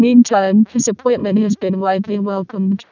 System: VC, vocoder